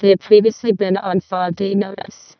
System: VC, vocoder